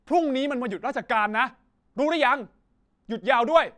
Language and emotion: Thai, angry